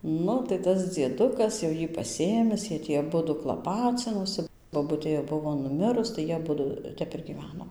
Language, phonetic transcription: Lithuanian, ˈnu tai ˈtas dzieˈdukas jau ˈjį paˈsėmis ˈjie ˈtį aˈbudu klaˈpacinosi boˈbutė jau ˈbuvo nuˈmirus tai ˈjie aˈbudu ˈtep ir gyˈveno

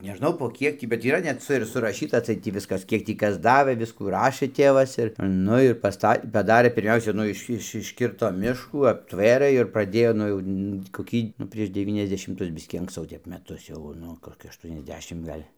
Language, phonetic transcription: Lithuanian, neˈžnau po ˈkiek tį bet yˈra net ˈca ir suraˈšyta atˈseit ˈtį ˈviskas ˈkiek tį ˈkas ˈdavɘ ˈviskų ˈrašɘ ˈtėvas ir ˈnu ir pasˈta paˈdarė pirˈmiausia ˈnu iš ˈiš išˈkirto ˈmiškų apˈtvėrɘ ir praˈdėjo ˈnu jau tį koˈkį nu ˈprieš deˌvyniasdešimˈtus ˈbiskį anksˈcau ˈtep meˈtus jau ˈnu koˈki ašˌtuoniasˈdešim ˈgal'

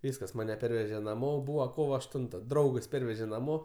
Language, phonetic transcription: Lithuanian, ˈvyskas ˈmane ˈperveže naˈmo ˈbūva ˈkovo ašˈtunta ˈdraugas ˈperveže naˈmo

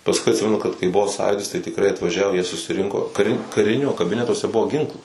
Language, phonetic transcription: Lithuanian, pasˈkui atˈsimenu kad kai ˈbuvo ˈsąjūdis tai tikˈrai atvaˈžiavo jie susiˈrinko kaˈri kaˈrinio kaˈbinetuose ˈbuvo ˈginklų

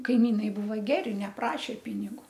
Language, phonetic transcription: Lithuanian, kaiˈmynai ˈbūva ˈgeri neˈprašė ˈpinigu

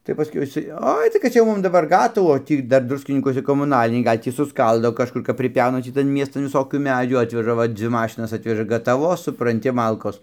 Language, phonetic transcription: Lithuanian, tai paˈskiau iˈsai ˈoi tai kad ˈcia jau ˈmum daˈbar ˈgatavų o ˈtį ˈdar ˈdruskinykuose komuˈnaliniai ˈgal' ˈtį suˈskaldo kažˈkur kap priˈpiauna ˈtį tan ˈmiestan viˈsokių ˈmedžių ˈatveža ˈva ˈdzvi ˈmašinas ˈatveža gataˈvos supranˈti ˈmalkos

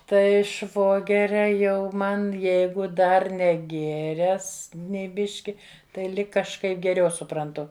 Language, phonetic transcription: Lithuanian, tai ˈšvogeria ˈjau ˈman ˈjeigu ˈdar neˈgėres nei ˈbiški tai ˈlig kažˈkaip geˈriau supranˈtu

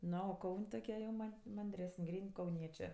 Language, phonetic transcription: Lithuanian, ˈno o ˈkaun' toˈkie jau ˈman' manˈdresən' ˈgryn' kauˈniečė

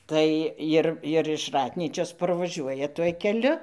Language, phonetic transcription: Lithuanian, ˈtai ir ir iš ˈratnyčios parvaˈžiuoja tuoj keˈliu

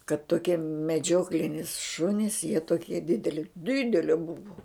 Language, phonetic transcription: Lithuanian, kad toˈkie meˈdžioklinis ˈšunis jie toˈkie ˈdideli ˈdidele ˈbuvu

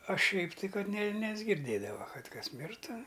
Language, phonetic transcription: Lithuanian, a ˈšiaip tai ˈkad ne nesgirˈdėdava ˈkad ˈkas ˈmirtu

